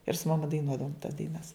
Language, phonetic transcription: Lithuanian, ir su maˈma daiˈnuodavom tas daiˈnas

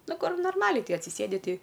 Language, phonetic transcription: Lithuanian, ˈnu ˈkur norˈmaliai ˈkai atsiˈsėdi ˈtei

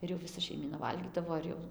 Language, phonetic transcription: Lithuanian, ˈir jau viˈsa šeiˈmyna ˈvalgydavo ir ˈjau

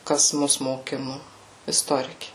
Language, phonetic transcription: Lithuanian, ˈkas ˈmus moˈkinu isˈtoriki

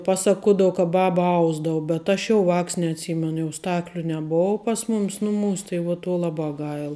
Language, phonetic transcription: Lithuanian, ˈpaˌsakuodav ka ˈbaba ˈausdavu bet ˈaš jau ˈvāks neatˈsymenu ˈstakliu neˈbov pas ˈmumis ˈnuˌmūs tai vuo tuo ˈlaˌbā ˈgail

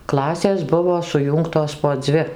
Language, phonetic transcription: Lithuanian, ˈklasės ˈbuvo suˈjūngtos po ˈdzvi

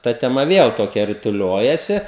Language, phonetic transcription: Lithuanian, ˈta teˈma ˈviel toˈkia rituˈliojasi

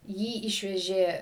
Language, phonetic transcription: Lithuanian, ˈjį ˈišvežė

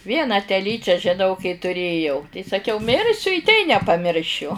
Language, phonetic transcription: Lithuanian, ˈvieną teˈlyčią žiˈnau kai tuˈrėjau tai saˈkiau ˈmirsiu i tei nepaˈmiršiu

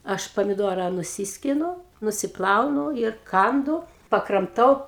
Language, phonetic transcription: Lithuanian, ˈaš pamiˈduora nuˈsiskinu nusiˈplaunu ir ˈkandu pakramˈtau

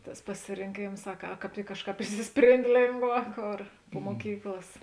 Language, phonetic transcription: Lithuanian, ˈtas pasirinˈkėms a ka ˈkāp ˈtik ˈkažˌkāp išsisˈprėnd' ˈlėngˌvā ˈkor pu muoˈkyklas

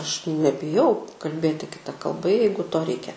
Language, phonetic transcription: Lithuanian, ˈaš nebiˈjau kalˈbėti kiˈta kalˈba ˈjeigu ˈto ˈreikia

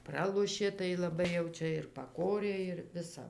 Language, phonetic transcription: Lithuanian, ˈpralošė tai laˈbai jau ˈčia ir paˈkorė ir ˈvisa

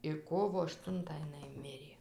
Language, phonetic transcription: Lithuanian, ir ˈkovo ašˈtuntą iˈnai ˈmirė

